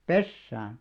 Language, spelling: Finnish, pesään
- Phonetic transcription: pessään .

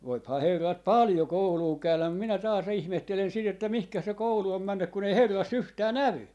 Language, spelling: Finnish, voihan herrat paljon koulua käydä mutta minä taas ihmettelen sitä että mihin se koulu on mennyt kun ei herrassa yhtään näy
- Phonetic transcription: 'voiphaa 'herrat "paljo 'kouluu 'käyläm mum minä taas 'ihmehtelen 'sit ‿että 'mihkä se "koulu om 'männyk kun ‿ei 'herras "yhtää "nävy » .

